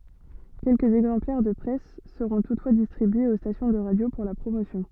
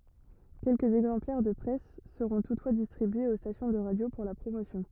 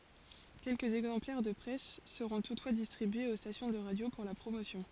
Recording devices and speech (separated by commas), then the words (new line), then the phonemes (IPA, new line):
soft in-ear microphone, rigid in-ear microphone, forehead accelerometer, read sentence
Quelques exemplaires de presse seront toutefois distribués aux stations de radio pour la promotion.
kɛlkəz ɛɡzɑ̃plɛʁ də pʁɛs səʁɔ̃ tutfwa distʁibyez o stasjɔ̃ də ʁadjo puʁ la pʁomosjɔ̃